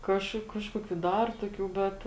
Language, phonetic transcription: Lithuanian, ˈkažku ˈkažkokiu ˈdar toˈkių ˈbet

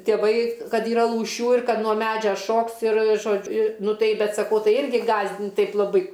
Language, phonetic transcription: Lithuanian, tėˈvai ˈkad yˈra lūˈšių ir ˈkad nuo ˈmedžia ˈšoks ir ˈžodž' i ˈnu ˈtai ˈbet saˈkau ˈtai ˈirgi ˈgąsdint' ˈtaip laˈbai

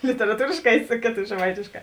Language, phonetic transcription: Lithuanian, literaˈtūrėšˌkā i ˈsu kėˌto žeˈmaitėšˌkā

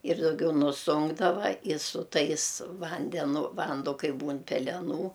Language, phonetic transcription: Lithuanian, ir dauˈgiau nuˈsunkdava i su ˈtais ˈvandenu ˈvando ˈkai ˈbūn peleˈnų

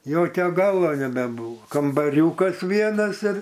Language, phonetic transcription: Lithuanian, ˈjokio ˈgalo nebeˈbūvo kambaˈriūkas ˈvienas ir

